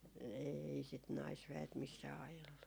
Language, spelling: Finnish, ei sitä naisväet missään ajellut
- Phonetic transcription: 'eei sit 'naisvä₍et "missää 'ajellu .

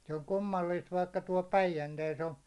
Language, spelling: Finnish, se on kummallista vaikka tuolla Päijänteessä on
- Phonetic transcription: se on 'kummalliist vaikka tuål "Päijäntees on̬ .

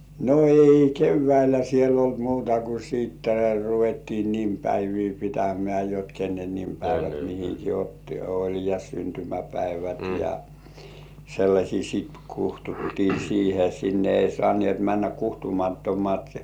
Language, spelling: Finnish, no ei keväällä siellä ollut muuta kuin sitten ruvettiin nimipäiviä pitämään jotta kenen nimipäivät mihinkin otti oli ja syntymäpäivät ja sellaisia sitten kutsuttiin siihen sinne ei saaneet mennä kutsumattomat
- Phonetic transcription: no 'ei "kevväilä siel ‿olt 'muuta ku siitte ruvettii "nimpäivii 'pitämĕä̀ jot "kennen 'nimpäivät mihiki otti 'oĺ ja 'syntymäpäivät ja , "sellaśii sit 'kuhtuttii siihe 'sinne ei 'sŏàn̜ĭèt männä "kuhtumattomat .

